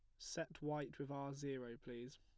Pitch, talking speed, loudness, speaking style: 140 Hz, 180 wpm, -48 LUFS, plain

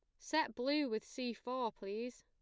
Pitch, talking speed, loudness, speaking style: 245 Hz, 180 wpm, -40 LUFS, plain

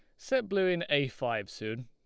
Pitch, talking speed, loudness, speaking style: 135 Hz, 220 wpm, -31 LUFS, Lombard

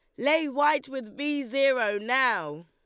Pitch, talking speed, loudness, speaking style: 275 Hz, 150 wpm, -26 LUFS, Lombard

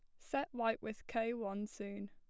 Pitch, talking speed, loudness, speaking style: 225 Hz, 190 wpm, -41 LUFS, plain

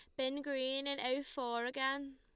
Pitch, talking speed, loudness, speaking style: 265 Hz, 185 wpm, -38 LUFS, Lombard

